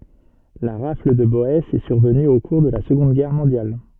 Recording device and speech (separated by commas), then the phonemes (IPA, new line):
soft in-ear microphone, read sentence
la ʁafl də bɔɛsz ɛ syʁvəny o kuʁ də la səɡɔ̃d ɡɛʁ mɔ̃djal